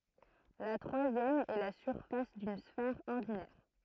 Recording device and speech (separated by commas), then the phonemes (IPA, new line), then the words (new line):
throat microphone, read sentence
la tʁwazjɛm ɛ la syʁfas dyn sfɛʁ ɔʁdinɛʁ
La troisième est la surface d'une sphère ordinaire.